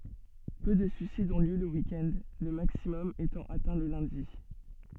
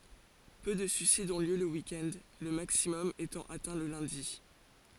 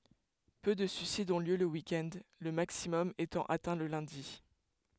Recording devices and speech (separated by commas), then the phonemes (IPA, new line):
soft in-ear microphone, forehead accelerometer, headset microphone, read sentence
pø də syisidz ɔ̃ ljø lə wik ɛnd lə maksimɔm etɑ̃ atɛ̃ lə lœ̃di